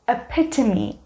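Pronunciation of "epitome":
'Epitome' is pronounced correctly here.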